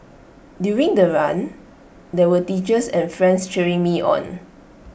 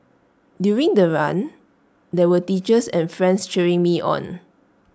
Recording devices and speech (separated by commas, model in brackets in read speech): boundary microphone (BM630), standing microphone (AKG C214), read sentence